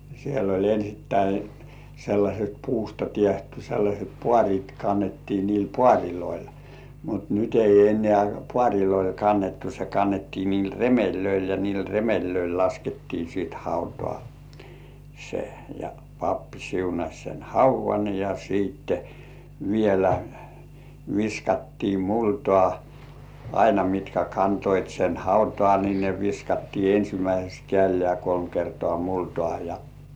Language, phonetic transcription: Finnish, siell ‿oĺ ensittäi , sellaśet 'puusta tiehty sellaśet "pŏàŕit 'kannettii niil "pŏàriloil , mut nyt ei en̆§nĕä̀ "pŏàŕiloil 'kannettu se 'kannettii niil "re-mellöil ja niil "remellöil 'laskettii sìt 'hautᴏ̆ᴀ̀ , sᴇ , ja 'pappi siunaś sen "hauv̆§van ja siitte , vielä , 'viskattii "multŏ§à , aina mitkä 'kantoit sen "hautŏ§à ni ne 'viskattii "ensimäiseks 'kĕä̀llĕä̀ kolm kertŏ§à 'multŏà ja .
- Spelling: siellä oli ensin sellaiset puusta tehty sellaiset paarit kannettiin niillä paareilla mutta nyt ei enää paareilla kannettu se kannettiin niillä remeleillä ja niillä remeleillä laskettiin sitten hautaan se ja pappi siunasi sen haudan ja sitten vielä viskattiin multaa aina mitkä kantoivat sen hautaan niin ne viskattiin ensimmäiseksi kädellä kolme kertaa multaa ja

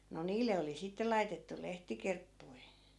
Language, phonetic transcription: Finnish, no "niille oli 'sitte laitettu "lehtikerppui̮ .
- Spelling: no niille oli sitten laitettu lehtikerppuja

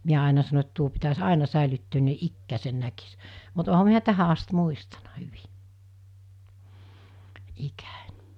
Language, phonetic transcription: Finnish, 'miä àena sano et 'tuo pitäs "àena 'sä̀elyttöön ni̬ "ikkääsen 'näkis , mut oha 'miä "tähä ast 'muistanᴀ hyvɪ , 'ikᴀ̈Ń .
- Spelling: minä aina sanoin että tuo pitäisi aina säilyttää niin ikänsä näkisi mutta olenhan minä tähän asti muistanut hyvin ikäni

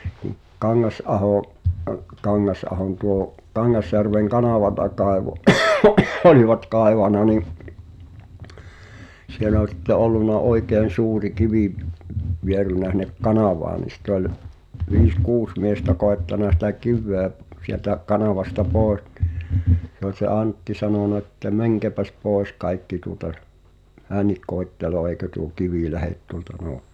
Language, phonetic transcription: Finnish, kᴜ , 'Kaŋŋas’ahò’ , ə- , 'Kaŋŋas’ahon tuo , 'Kaŋŋasjärveŋ "kanàvata kaevo , olivat 'kàevàna ni’ , siel ‿ol (si)tte 'ollunna "oikeen̬ 'suuri 'kivì , 'vierynä (s)in̆nek "kanàvaa ni sit ‿oĺ , 'viis "kuus miestä 'kòettana sitä "kiv̆vèᵃ̈ , sieltä , 'kanavasta "pòe(s) ɴɪ , se ‿ol se "Àntti 'sanona ᵉttä » "mäŋkeäpäs 'pòes 'kaikki tuŏta , "hännik 'koetteleoo ei̬kö tuo "kivì 'lähet tuŏlta nò- « .
- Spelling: - Kangasaho - Kangasahon tuo Kangasjärven kanavaa kaivoi olivat kaivanut niin siellä oli sitten ollut oikein suuri kivi vierinyt sinne kanavaan niin sitä oli viisi kuusi miestä koettanut sitä kiveä sieltä kanavasta pois niin se oli se Antti sanonut että menkääpäs pois kaikki tuota hänkin koettelee eikö tuo kivi lähde tuolta -

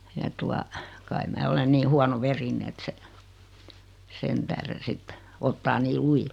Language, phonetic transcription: Finnish, ja 'tua , kai 'mää 'olen nii 'huano'verine et se , 'sen tähren̬ 'sitte , ottaa 'nii "lujil .
- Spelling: ja tuota kai minä olen niin huonoverinen että se sen tähden sitten ottaa niin lujille

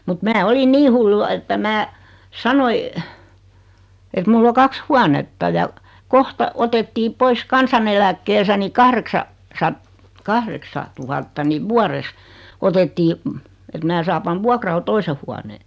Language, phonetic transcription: Finnish, mut 'mää 'olin "nii hullu (va) että 'mää , 'sanoi , et 'mull ‿o 'kaks "huanetta ja , "kohta , 'otettii "pois "kansaneläkkeesä̳ ni 'kahreksa , 'sat- , 'kahreksa , 'tuhatta niv 'vuares , 'otettii , et 'mää saa 'pan "vuakral 'toise huanee .
- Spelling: mutta minä olin niin hullu vain että minä sanoin että minulla on kaksi huonetta ja kohta otettiin pois kansaneläkkeestä niin kahdeksan - kahdeksan tuhatta niin vuodessa otettiin että minä saan panna vuokralle toisen huoneen

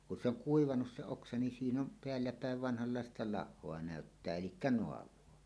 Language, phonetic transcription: Finnish, kun 'se ‿oŋ "kuivanus se 'oksa nin siin ‿om peälläpä̀ev 'vanhallàesta "lahhoa 'nä̀öttää "elikkä 'noav̀oa .
- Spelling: kun se on kuivanut se oksa niin siinä on päälläpäin vanhanlaista lahoa näyttää eli naavaa

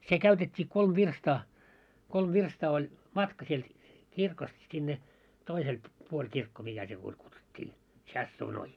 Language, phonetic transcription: Finnish, se 'käytet́t́ii 'kolm "virstaa , 'kolm "virstaa ol , 'matka sielt , 'kirkost sinne , 'toisel , 'puoĺ 'kirkko mikä se puoĺ kutsut́t́ii "tśassuunoi .
- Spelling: se käytettiin kolme virstaa kolme virstaa oli matka sieltä kirkosta sinne toiselle puolen kirkko mikä se puoli kutsuttiin tsasuunoita

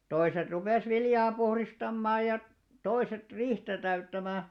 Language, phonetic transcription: Finnish, 'toiset rupès 'viljaa puhristammaa ja , 'toiset "riihtä täyttämä̀ .
- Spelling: toiset rupesi viljaa puhdistamaan ja toiset riihtä täyttämään

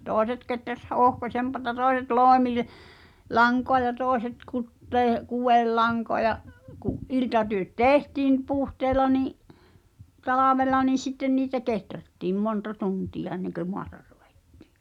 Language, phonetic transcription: Finnish, tòeset keträs 'h ‿o̳o̳hkosempata 'tòes̬et "lòemil- , -'laŋkoa ja 'tòeset 'kuttee- , "kuwellaŋkoa ja’ , ku’ '’iltatyö̆t "tèhtiim , 'puhteela nì’ , 'talavel̆la nii 'sitten niitä "keträttiim 'monta 'tuntija enneŋkö 'moata ʀᴜᴡᴇttɪ̀ .
- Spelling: toiset kehräsi - ohkaisempaa toiset - loimilankaa ja toiset - kudelankaa ja kun iltatyöt tehtiin puhteella niin talvella niin sitten niitä kehrättiin monta tuntia ennen kuin maata ruvettiin

